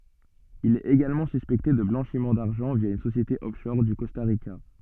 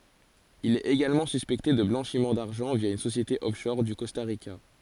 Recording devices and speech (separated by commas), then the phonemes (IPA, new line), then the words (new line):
soft in-ear microphone, forehead accelerometer, read sentence
il ɛt eɡalmɑ̃ syspɛkte də blɑ̃ʃim daʁʒɑ̃ vja yn sosjete ɔfʃɔʁ o kɔsta ʁika
Il est également suspecté de blanchiment d'argent via une société offshore au Costa Rica.